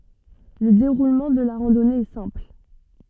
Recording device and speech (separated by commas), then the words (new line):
soft in-ear microphone, read sentence
Le déroulement de la randonnée est simple.